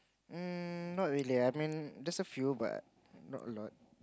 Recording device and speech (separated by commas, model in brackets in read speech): close-talking microphone, conversation in the same room